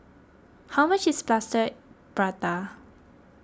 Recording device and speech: close-talking microphone (WH20), read sentence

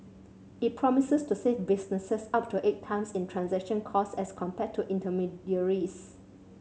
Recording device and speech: mobile phone (Samsung C7100), read sentence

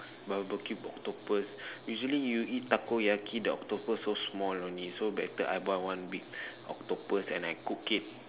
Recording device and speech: telephone, conversation in separate rooms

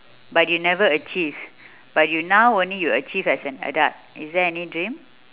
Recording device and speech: telephone, conversation in separate rooms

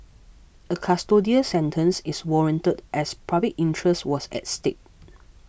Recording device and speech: boundary microphone (BM630), read sentence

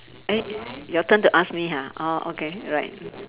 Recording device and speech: telephone, conversation in separate rooms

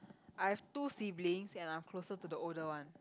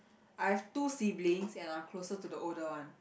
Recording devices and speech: close-talking microphone, boundary microphone, conversation in the same room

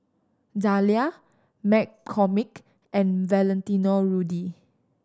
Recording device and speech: standing microphone (AKG C214), read sentence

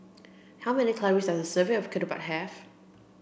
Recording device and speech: boundary microphone (BM630), read sentence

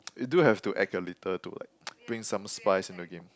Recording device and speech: close-talking microphone, conversation in the same room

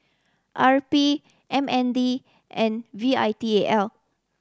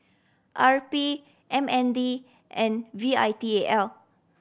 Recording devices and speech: standing microphone (AKG C214), boundary microphone (BM630), read sentence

